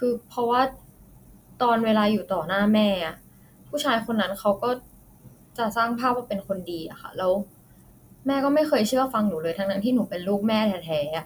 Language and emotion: Thai, frustrated